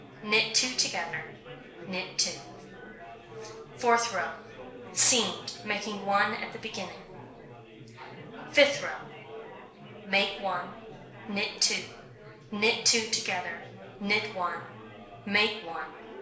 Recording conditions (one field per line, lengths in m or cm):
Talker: one person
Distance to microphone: 1.0 m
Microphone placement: close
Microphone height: 1.1 m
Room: small (3.7 m by 2.7 m)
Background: babble